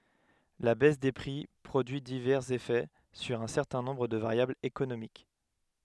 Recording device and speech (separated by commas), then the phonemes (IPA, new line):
headset microphone, read sentence
la bɛs de pʁi pʁodyi divɛʁz efɛ syʁ œ̃ sɛʁtɛ̃ nɔ̃bʁ də vaʁjablz ekonomik